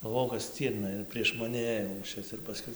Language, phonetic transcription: Lithuanian, galˈvojau kad ˈstyrna ir prieš maˈni ˈėjo lūˈšis ir paˈskui

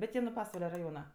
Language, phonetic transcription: Lithuanian, bet ˈjie nu ˈpasvale raˈjona

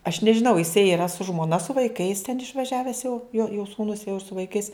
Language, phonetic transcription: Lithuanian, aš nežiˈnau jiˈsai yˈra su žmoˈna su vaiˈkais ten išvaˈžiaves jau jo jo sūˈnus jau ir su vaiˈkais

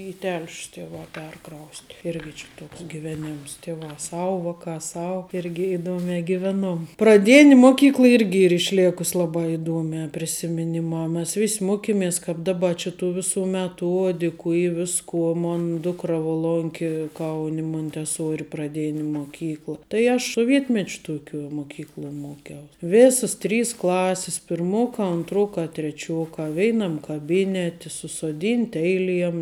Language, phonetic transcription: Lithuanian, į tel'š's tiˈvā ˈperˌkraust' ˈirgi či ˈtoks giˈveˌnims tiˈvā ˈsau ˈvaˌkā ˈsau ˈirgi iˈduomē giˈveˌnuom praˈdėn' ˈmoˌkykl ˈirgi ir iˈšlėkus ˈlabā iˈduomiā prisimiˈnimā ˈmes ˈvis' ˈmokiˌmės kap ˈdaˌba či tų ˈviˌsų meˈtuodiku ˈy ˈviskuo ˈmon ˈdukra vo ˈlonkė ˈkauni munteˈsuori praˈdėni moˈkykla tai ˈaš soˈvietmečiu ˈtuoˌkiuo muˈkykluo ˈmuokiaus ˈvėsas ˈtrys ˈklasis pirˈmokā anˈtrokā treˈčiokā ˈveinam kaˈbyneti susoˈdynti ˈeiˌliem

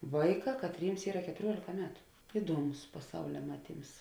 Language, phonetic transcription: Lithuanian, ˈvaiˌkā katˈryms ˈyra ketuˈriuolėka ˈmetu ˈiduoˌmus paˈsaulia ˈmaˌtyms

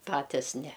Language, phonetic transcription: Lithuanian, ˈpatis ne

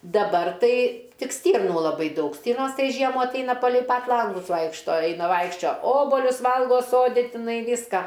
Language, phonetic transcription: Lithuanian, daˈbar tai ˈtik ˈstyrnų laˈbai ˈdaug ˈstyrnos ˈtai ˈžiemų atˈaina palei pat ˈlangus ˈvaikšto ˈaina ˈvaikščio ˈobolius ˈvalgo ˈsodi tiˈnai ˈvyska

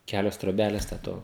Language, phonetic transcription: Lithuanian, ˈkelios troˈbeles te ˈto

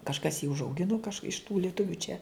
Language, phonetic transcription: Lithuanian, kažˈkas jį užauˈginu kaž iš tų lieˈtuvių čia

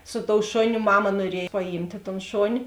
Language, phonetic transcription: Lithuanian, su tou ˈšoˌniu ˈmama nuoˈriej paˈjymtė ton ˈšoni

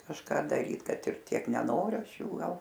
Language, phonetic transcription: Lithuanian, kažˈką daˈryt ˈkad ir ˈtiek neˈnoriu ˈaš ˈjų ˈgal

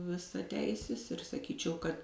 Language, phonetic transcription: Lithuanian, visaˈteisis ir saˈkyčiau kad

